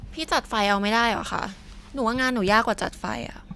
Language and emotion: Thai, frustrated